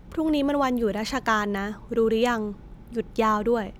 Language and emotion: Thai, neutral